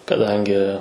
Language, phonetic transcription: Lithuanian, kaˈdangi

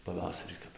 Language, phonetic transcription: Lithuanian, paˈvasarį ˈkap

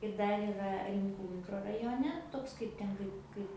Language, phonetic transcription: Lithuanian, ir ˈdar yˈra rimˈkų mikrorajoˈne ˈtoks ˈkaip ten ˈkaip ˈkaip

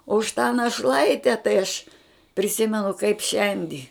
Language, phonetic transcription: Lithuanian, o už tą naˈšlaite tai aš priˈsimenu kaip ˈšiandi

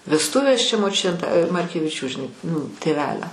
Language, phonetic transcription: Lithuanian, vesˈtuvės čia moˈčiutė t markeviˈčių žiˈnai nu tėˈvelio

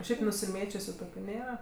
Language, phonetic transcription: Lithuanian, ˈšiaip nusiˈmėčiusiu ˈtokiu ˈnėra

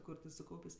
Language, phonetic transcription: Lithuanian, ˈkur ti suˈkaupės'

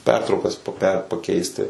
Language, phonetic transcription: Lithuanian, ˈpertraukas poˈpe paˈkeisti

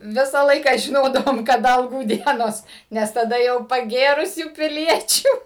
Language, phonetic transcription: Lithuanian, ˈvisą ˈlaiką žiˈnodavom kaˈda alˈgų ˈdienos ˈnes taˈda jau paˈgėrusių piˈliečių

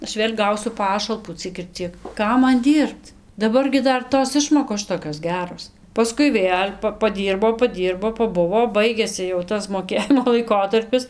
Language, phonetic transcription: Lithuanian, ˈaš ˈvėl' ˈgausiu ˈpašalpų ˈciek ir ˈciek ˈkam ˈman ˈdyrbt daˈbar gi ˈdar ˈtos ˈišmokos ˈšitokios ˈgeros paˈskui ˈvėl' pa paˈdyrbo paˈdyrbo paˈbuvo ˈbaigėsi jau ˈtas moˈkėjimo laiˈkotarpis

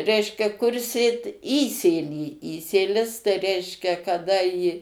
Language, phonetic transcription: Lithuanian, ˈreiškia kur ˈsėt ˈįsėlį ˈįsėlis tai ˈreiškia kaˈda į

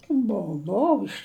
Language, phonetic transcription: Lithuanian, ˈbou ˈbou iš

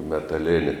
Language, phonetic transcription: Lithuanian, metaˈlėni

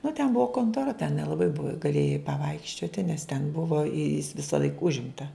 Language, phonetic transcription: Lithuanian, nu ten ˈbuvo kontoˈra ten nelaˈbai buv gaˈlėjai paˈvaikščioti nes ten ˈbuvo i jis visaˈlaik ˈužimta

